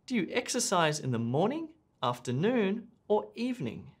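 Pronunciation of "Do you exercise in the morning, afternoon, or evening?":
The intonation on this list rises, rises, rises, and then falls at the end, on the last item, 'evening'.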